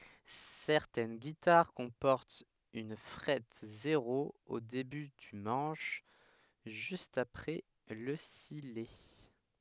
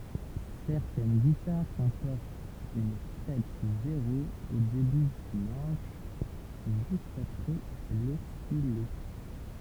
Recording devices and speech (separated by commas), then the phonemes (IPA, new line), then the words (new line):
headset microphone, temple vibration pickup, read sentence
sɛʁtɛn ɡitaʁ kɔ̃pɔʁtt yn fʁɛt zeʁo o deby dy mɑ̃ʃ ʒyst apʁɛ lə sijɛ
Certaines guitares comportent une frette zéro au début du manche, juste après le sillet.